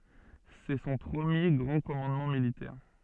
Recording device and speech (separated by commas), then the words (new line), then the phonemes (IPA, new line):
soft in-ear microphone, read sentence
C'est son premier grand commandement militaire.
sɛ sɔ̃ pʁəmje ɡʁɑ̃ kɔmɑ̃dmɑ̃ militɛʁ